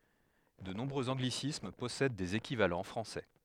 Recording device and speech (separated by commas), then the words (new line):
headset microphone, read sentence
De nombreux anglicismes possèdent des équivalents français.